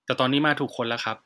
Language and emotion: Thai, neutral